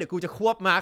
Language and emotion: Thai, happy